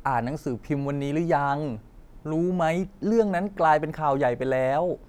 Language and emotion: Thai, frustrated